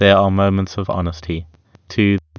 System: TTS, waveform concatenation